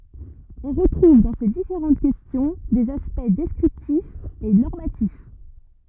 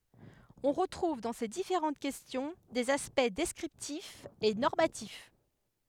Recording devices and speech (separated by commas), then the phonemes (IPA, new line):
rigid in-ear microphone, headset microphone, read sentence
ɔ̃ ʁətʁuv dɑ̃ se difeʁɑ̃t kɛstjɔ̃ dez aspɛkt dɛskʁiptifz e nɔʁmatif